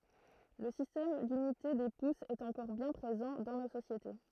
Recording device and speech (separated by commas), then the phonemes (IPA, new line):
throat microphone, read sentence
lə sistɛm dynite de pusz ɛt ɑ̃kɔʁ bjɛ̃ pʁezɑ̃ dɑ̃ no sosjete